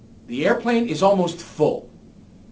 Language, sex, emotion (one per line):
English
male
angry